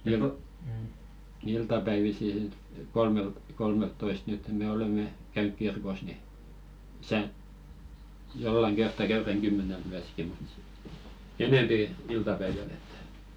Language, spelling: Finnish, niin kuin iltapäivisin sitten - kolmeltatoista nyt me olemme käynyt kirkossa niin tässä jollakin kertaa käydään kymmeneltä myöskin mutta sitten enempi iltapäivällä että
- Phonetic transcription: (niiŋko) , "iltapäivisi sit 'kolmelt- kolmelttoist nyt me 'olemme , käynyk 'kirkos ni , tᵃ̈sä , 'jollaŋ 'ɢertta käyräŋ "ɢymmänelt 'myäski mut sit , "enèmpi 'il-tapäiväl ‿ettᴀ̈ .

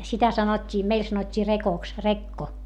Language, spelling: Finnish, sitä sanottiin meillä sanottiin rekoksi rekko
- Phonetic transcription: sitä sanot́t́ii meil sanot́t́ii rekoks , rekko .

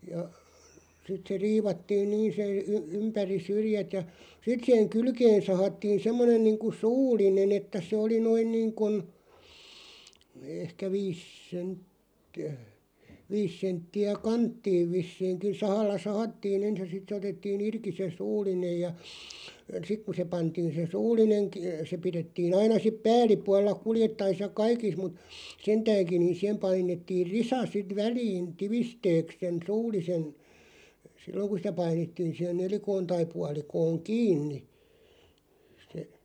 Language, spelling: Finnish, ja sitten se riivattiin niin se - ympäri syrjät ja sitten siihen kylkeen sahattiin semmoinen niin kuin suullinen että se oli noin niin kuin ehkä viisi senttiä viisi senttiä kanttiin vissiinkin sahalla sahattiin ensin ja sitten se otettiin irti se suullinen ja sitten kun se pantiin se suullinen - se pidettiin aina sitten päällipuolella kuljettaessa ja kaikissa mutta sentäänkin niin siihen painettiin risa sitten väliin tiivisteeksi sen suullisen silloin kun sitä painettiin siihen nelikkoon tai puolikkoon kiinni se
- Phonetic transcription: ja , 'sit se 'riivattiin "niin se , y- "ympäri 'syrⁱjät ja , 'sit 'siʰeᵑ "kylkeen̬ 'sahattiin 'semmonen niiŋku "suul̆line'n ‿että se oli 'noin niiŋkun , 'ehkä "viis 'sentti₍ä , 'viis sentti₍ä "kanttiiv 'vissiiŋkin̬ 'sahalla "sahattii'n ‿ens ja 'sit se 'otettii"n ‿irki se 'suul̆linej ja , 'sik ku se 'pantiin̬ se "suul̆lineŋ k- se 'piðettii'n ‿aina sip "pääl̆lipualla 'kuljettais ja "kaikis mut , "sentääŋkiⁿ ni 'sihem 'painettiir "risa 'sit 'väliin "tivisteeks sen 'suul̆lisen , "silloŋ ku sⁱtä 'painettiin̬ siʰen 'nelikoon tai 'pualikooŋ "kiinni , se ,.

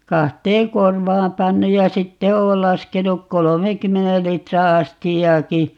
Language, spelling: Finnish, kahteen korvaan pannut ja sitten olen laskenut kolmenkymmenen litran astiaankin
- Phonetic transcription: 'kahteeŋ "korvaam 'pannuj ja 'sitte 'ool 'laskenuk 'kolomeèkymmenel 'litra "astijjaaki , .

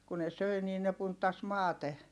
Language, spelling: Finnish, kun ne söi niin ne punttasi maate
- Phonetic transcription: ku ne söi nii ne punttas maate .

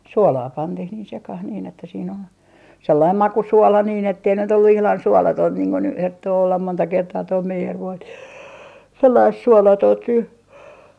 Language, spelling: Finnish, suolaa pantiin niin sekaan niin että siinä oli sellainen makusuola niin että ei nyt ollut ihan suolatonta niin kuin nyt herttoo olla monta kertaa tuo meijerivoi sellaista suolatonta nyt
- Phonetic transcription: "suolaa 'pantih niin 'sekah niin ‿että siin ‿ol , 'sellaim "makusuola niin ettei nyt ‿ollu ihlan "suolatoint niiŋ kun ny 'herttoo ollam 'monta 'kertaa toi 'meijervoi , sellaist 'suolatoont ny .

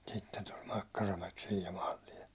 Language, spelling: Finnish, sitten tuli Makkaramäki siinä ja maantie
- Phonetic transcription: sitten tuĺ 'Makkaramäk siij ja 'maantiɛ .

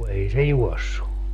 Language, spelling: Finnish, ei se juossut
- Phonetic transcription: 'ei se "juɔssu .

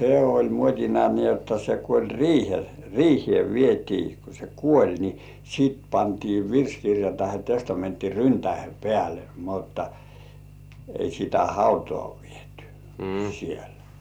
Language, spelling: Finnish, se oli muotina niin jotta kun oli - riiheen vietiin kun se kuoli niin sitten pantiin virsikirja tai testamentti ryntäiden päälle mutta ei sitä hautaan viety siellä
- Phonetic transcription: 'se "oĺ 'muot́ina ni jotta ku oĺ "riihel- , 'riihĭe 'vietii ku se "kuoĺ ni , sit pantii 'virskirja tahe 'testamentti "ryntäihe "pĕä̀le mutta , ei sitä "hautŏà vietʏ , sielᴀ̈ .

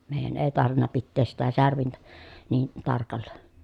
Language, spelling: Finnish, meidän ei tarvinnut pitää sitä särvintä niin tarkalla
- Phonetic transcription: mèij̆jän èi tarvinna pittees sitä särvintä , nii , tarkalla .

